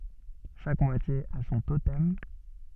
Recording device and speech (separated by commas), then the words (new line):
soft in-ear microphone, read sentence
Chaque moitié a son totem.